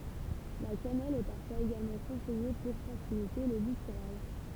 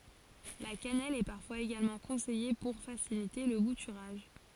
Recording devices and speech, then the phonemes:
temple vibration pickup, forehead accelerometer, read sentence
la kanɛl ɛ paʁfwaz eɡalmɑ̃ kɔ̃sɛje puʁ fasilite lə butyʁaʒ

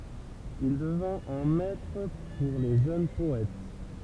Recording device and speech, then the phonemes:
temple vibration pickup, read sentence
il dəvɛ̃t œ̃ mɛtʁ puʁ le ʒøn pɔɛt

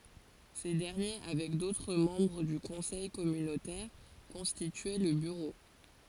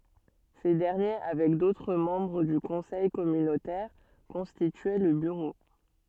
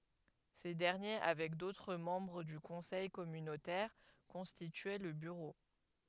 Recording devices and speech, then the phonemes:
forehead accelerometer, soft in-ear microphone, headset microphone, read sentence
se dɛʁnje avɛk dotʁ mɑ̃bʁ dy kɔ̃sɛj kɔmynotɛʁ kɔ̃stityɛ lə byʁo

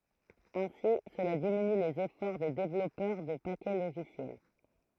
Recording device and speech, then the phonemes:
throat microphone, read sentence
ɛ̃si səla diminy lez efɔʁ de devlɔpœʁ də pakɛ loʒisjɛl

